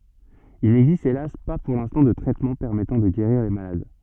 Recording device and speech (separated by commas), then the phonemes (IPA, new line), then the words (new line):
soft in-ear microphone, read sentence
il nɛɡzist elas pa puʁ lɛ̃stɑ̃ də tʁɛtmɑ̃ pɛʁmɛtɑ̃ də ɡeʁiʁ le malad
Il n'existe hélas pas pour l'instant de traitement permettant de guérir les malades.